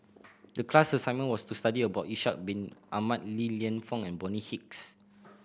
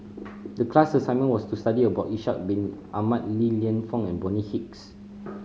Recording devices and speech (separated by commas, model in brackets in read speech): boundary microphone (BM630), mobile phone (Samsung C5010), read sentence